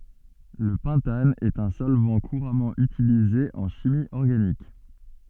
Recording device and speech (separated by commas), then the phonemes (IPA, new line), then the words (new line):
soft in-ear microphone, read sentence
lə pɑ̃tan ɛt œ̃ sɔlvɑ̃ kuʁamɑ̃ ytilize ɑ̃ ʃimi ɔʁɡanik
Le pentane est un solvant couramment utilisé en chimie organique.